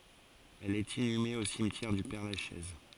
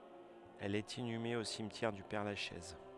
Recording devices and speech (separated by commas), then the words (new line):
forehead accelerometer, headset microphone, read sentence
Elle est inhumée au cimetière du Père-Lachaise.